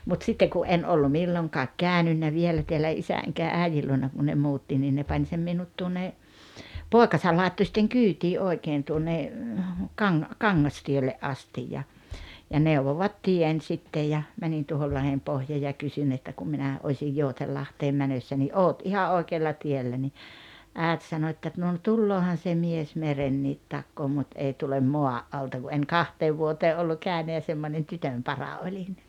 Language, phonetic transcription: Finnish, mut 'sitteŋ ku '’en 'ollu 'milloŋkaak 'kä̀önynnä 'vielä teälä 'isä eŋkä 'ä̀ijil luona ku ne 'muutti nii ne 'pań sem minut tuonne , "pòekasal 'làetto sⁱtteŋ "kyytii '’oi̬keen tuonne , Kaŋ- , "Kaŋŋas-tielle’ "astij ja , ja 'neuvovat "tien sittej ja , 'mänin tuohol 'Lahempohjaa ja 'kysyn että » kum 'minä , 'ośij 'Joutellahteem 'mänössä « ni » "’oot 'iha "’oikeella 'tiellä « ni , 'ä̀et sano että » 'no ‿n- "tulloohan se 'mies "merenniit 'takkoo 'mut 'ei tulem "moa’ '’alta « ku 'en "kanteev vuotee 'ollu 'kä̀ynä ja semmońen 'tytömpara 'oĺin .
- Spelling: mutta sitten kun en ollut milloinkaan käynyt vielä täällä isä enkä äidin luona kun ne muutti niin ne pani sen minut tuonne poikansa laittoi sitten kyytiin oikein tuonne - Kangastielle asti ja ja neuvovat tien sitten ja menin tuohon Lahdenpohjaan ja kysyn että kun minä osin Joutsenlahteen menossa niin olet ihan oikealla tiellä niin äiti sanoi että no - tuleehan se mies meren takaa mutta ei tule maan alta kun en kahteen vuoteen ollut käynyt ja semmoinen tytönpara olin

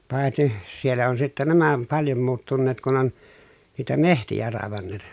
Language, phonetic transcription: Finnish, pàeti , siellä on sittä nämä om paljom muuttunneet kun ‿on , niitä mehtijä ràevanneet .
- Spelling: paitsi siellä on sitten nämä on paljon muuttuneet kun on niitä metsiä raivanneet

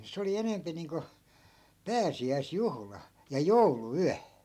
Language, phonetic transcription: Finnish, 'se oli 'enempi niiŋko , "pääsi₍äis'juhla , ja "joulu₍'yä .
- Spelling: se oli enempi niin kuin pääsiäisjuhla ja jouluyö

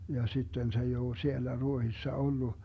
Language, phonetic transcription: Finnish, ja 'sitten se ei oo "siellä 'Ruohissa ollu .
- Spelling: ja sitten se ei ole siellä Ruotsissa ollut

